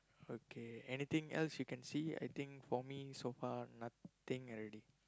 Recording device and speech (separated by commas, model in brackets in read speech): close-talking microphone, conversation in the same room